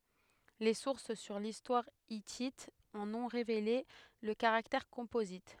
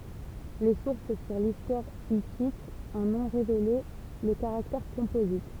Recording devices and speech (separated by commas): headset microphone, temple vibration pickup, read sentence